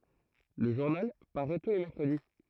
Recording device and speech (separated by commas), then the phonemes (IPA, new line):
throat microphone, read sentence
lə ʒuʁnal paʁɛ tu le mɛʁkʁədi